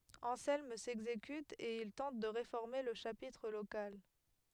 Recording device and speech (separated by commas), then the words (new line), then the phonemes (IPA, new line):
headset microphone, read sentence
Anselme s'exécute et il tente de réformer le chapitre local.
ɑ̃sɛlm sɛɡzekyt e il tɑ̃t də ʁefɔʁme lə ʃapitʁ lokal